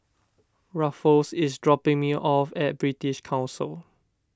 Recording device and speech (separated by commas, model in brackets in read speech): standing microphone (AKG C214), read sentence